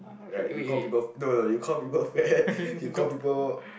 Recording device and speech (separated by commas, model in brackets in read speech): boundary microphone, conversation in the same room